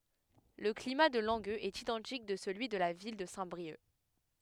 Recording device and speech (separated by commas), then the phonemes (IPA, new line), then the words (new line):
headset microphone, read sentence
lə klima də lɑ̃ɡøz ɛt idɑ̃tik də səlyi də la vil də sɛ̃tbʁiœk
Le climat de Langueux est identique de celui de la ville de Saint-Brieuc.